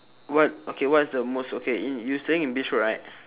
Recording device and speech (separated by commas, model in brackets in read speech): telephone, conversation in separate rooms